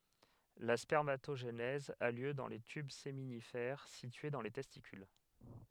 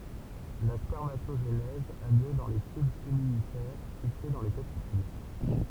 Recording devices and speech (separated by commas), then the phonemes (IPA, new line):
headset microphone, temple vibration pickup, read sentence
la spɛʁmatoʒenɛz a ljø dɑ̃ le tyb seminifɛʁ sitye dɑ̃ le tɛstikyl